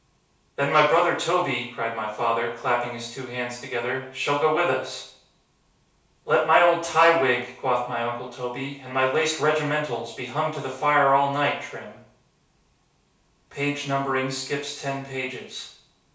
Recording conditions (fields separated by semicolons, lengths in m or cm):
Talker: one person; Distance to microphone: 3.0 m; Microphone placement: far; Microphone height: 1.8 m; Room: small (3.7 m by 2.7 m); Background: none